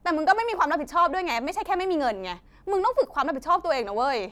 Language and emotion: Thai, angry